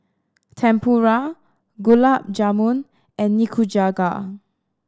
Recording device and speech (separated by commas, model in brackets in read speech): standing microphone (AKG C214), read sentence